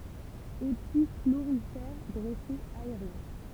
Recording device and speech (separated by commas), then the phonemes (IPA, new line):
temple vibration pickup, read sentence
epi floʁifɛʁ dʁɛsez aeʁjɛ̃